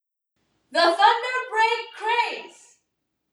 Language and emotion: English, neutral